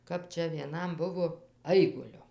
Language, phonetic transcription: Lithuanian, ˈkap ˈčia vieˈnam ˈbuvo ˈaiguliu

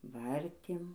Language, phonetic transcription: Lithuanian, ˈvartėm

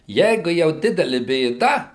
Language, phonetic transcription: Lithuanian, ˈjeigu jau ˈdideli bėˈda

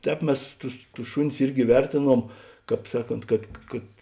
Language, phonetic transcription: Lithuanian, ˈtēp ˈmes ˈtus tus ˈšuˌnis ˈirgi ˈvertėˌnuom ˈkāp ˈsaˌkont kad kad

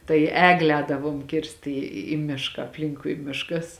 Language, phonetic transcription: Lithuanian, tai ˈeglė ˈēdavuom ˈkirst į į ˈmišką apˈlinkui ˈmiškas

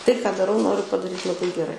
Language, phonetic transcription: Lithuanian, ˈtai ką daˈrau ˈnoriu padaˈryt laˈbai geˈrai

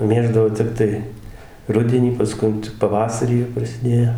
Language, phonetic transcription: Lithuanian, ˈmėždavo ˈtep tai ˈrudenį pasˈkun ˈčia ˈpavasarį jau prasiˈdėjo

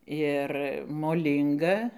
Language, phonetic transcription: Lithuanian, ˈir moˈlynga

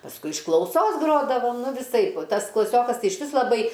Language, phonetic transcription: Lithuanian, pasˈkui iš klauˈsos ˈgrodavom ˈnu viˈsaip ˈtas klaˈsiokas ˈtai išˈvis laˈbai

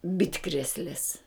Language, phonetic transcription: Lithuanian, ˈbitkrėslės

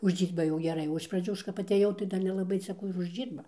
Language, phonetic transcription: Lithuanian, užˈdžyrba jau geˈrai o iš praˈdžių ˈaš kap atˈėjau tai ˈdar nelaˈbai cia ˈkų ir uždˈžyrba

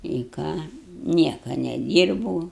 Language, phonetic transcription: Lithuanian, i ˈką ˈnieka neˈdyrbou

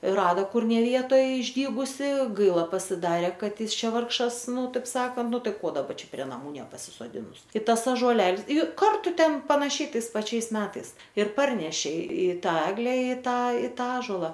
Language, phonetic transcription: Lithuanian, ˈrada ˈkur ne ˈvietoj išˈdygusi ˈgaila pasiˈdarė ˈkad ˈjis ˈčia ˈvargšas ˈnu ˈtaip ˈsakant ˈnu ˈtai ˈko daˈba ˈčia prie naˈmų nepasisoˈdinus ˈkitas ažuoˈlels ˈju ˈkartu ˈten panaˈšiai ˈtais paˈčiais ˈmetais ir ˈparnešė i ˈtą ˈegle i ˈtą i ˈtą ˈąžola

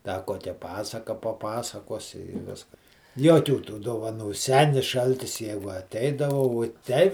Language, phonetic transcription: Lithuanian, da ˈkokia ˈpasaka paˈpasakosi i ˈviskas ˈjuokių tų dovaˈnų ˈsenis ˈšaltis ˈjegu aˈteidava vuo ˈtei

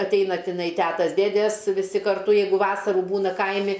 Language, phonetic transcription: Lithuanian, atˈeina tiˈnai ˈtetas ˈdėdės viˈsi karˈtu ˈjeigu ˈvasarų ˈbūna ˈkaimi

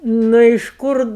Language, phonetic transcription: Lithuanian, ˈnu iš ˈkur

